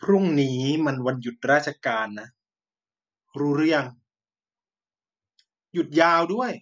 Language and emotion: Thai, frustrated